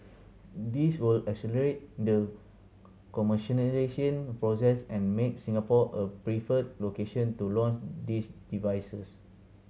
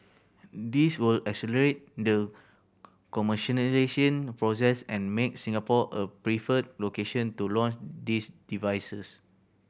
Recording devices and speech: mobile phone (Samsung C7100), boundary microphone (BM630), read sentence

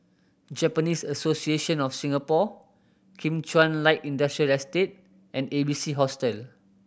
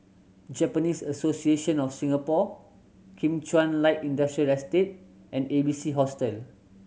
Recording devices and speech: boundary microphone (BM630), mobile phone (Samsung C7100), read sentence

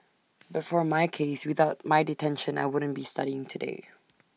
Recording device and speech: mobile phone (iPhone 6), read sentence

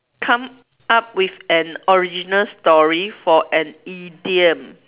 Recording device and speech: telephone, conversation in separate rooms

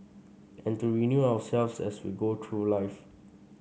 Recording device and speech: mobile phone (Samsung C5), read sentence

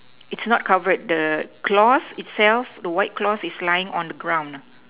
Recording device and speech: telephone, conversation in separate rooms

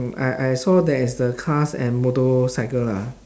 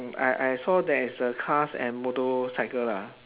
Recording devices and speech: standing microphone, telephone, conversation in separate rooms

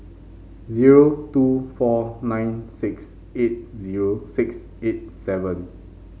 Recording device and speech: mobile phone (Samsung C5), read sentence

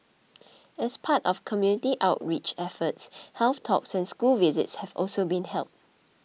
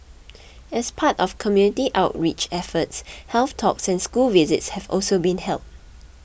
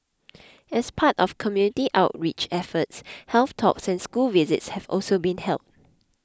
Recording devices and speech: mobile phone (iPhone 6), boundary microphone (BM630), close-talking microphone (WH20), read sentence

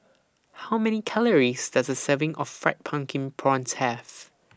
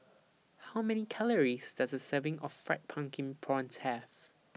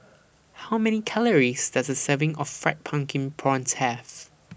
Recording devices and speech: standing microphone (AKG C214), mobile phone (iPhone 6), boundary microphone (BM630), read sentence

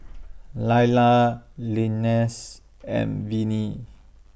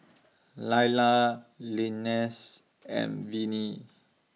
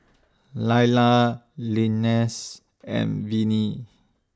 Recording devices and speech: boundary microphone (BM630), mobile phone (iPhone 6), standing microphone (AKG C214), read sentence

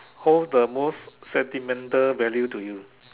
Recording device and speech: telephone, conversation in separate rooms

